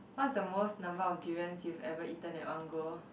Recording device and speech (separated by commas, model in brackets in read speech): boundary microphone, conversation in the same room